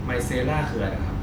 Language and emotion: Thai, neutral